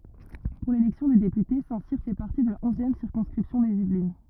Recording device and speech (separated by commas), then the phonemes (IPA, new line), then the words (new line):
rigid in-ear microphone, read sentence
puʁ lelɛksjɔ̃ de depyte sɛ̃tsiʁ fɛ paʁti də la ɔ̃zjɛm siʁkɔ̃skʁipsjɔ̃ dez ivlin
Pour l'élection des députés, Saint-Cyr fait partie de la onzième circonscription des Yvelines.